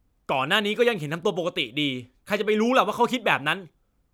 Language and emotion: Thai, angry